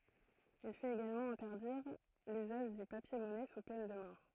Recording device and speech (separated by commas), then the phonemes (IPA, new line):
throat microphone, read sentence
il fɛt eɡalmɑ̃ ɛ̃tɛʁdiʁ lyzaʒ dy papjɛʁmɔnɛ su pɛn də mɔʁ